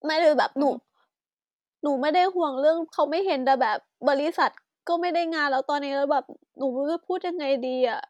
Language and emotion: Thai, sad